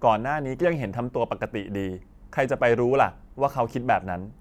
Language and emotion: Thai, frustrated